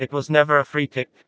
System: TTS, vocoder